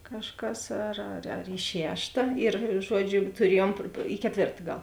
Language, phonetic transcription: Lithuanian, kažˈkas ar ar ar i ˈšešta ir ˈžuodžiu ir tuˈriejuom i keˈtvėrta ˈgal

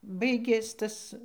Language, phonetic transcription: Lithuanian, ˈbaigės ˈtas

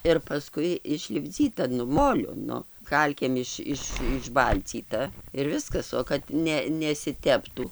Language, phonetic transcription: Lithuanian, ir paˈskui išlipˈdzyta nu ˈmoliu ˈnu ˈkalkėm iš ˈiš išˈbalcyta ir ˈviskas o kad ˈne nesiˈteptų

